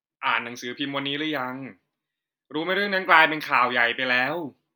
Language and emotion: Thai, neutral